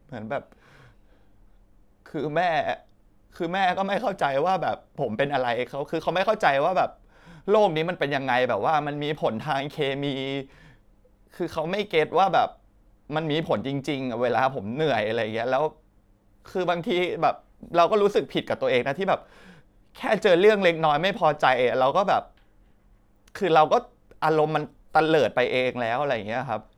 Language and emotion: Thai, sad